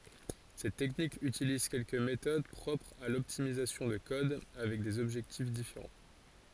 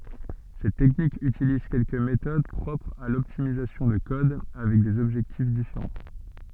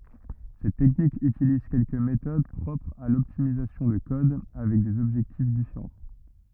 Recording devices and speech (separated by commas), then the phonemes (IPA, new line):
forehead accelerometer, soft in-ear microphone, rigid in-ear microphone, read sentence
sɛt tɛknik ytiliz kɛlkə metod pʁɔpʁz a lɔptimizasjɔ̃ də kɔd avɛk dez ɔbʒɛktif difeʁɑ̃